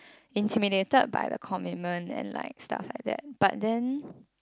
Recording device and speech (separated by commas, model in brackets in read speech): close-talking microphone, conversation in the same room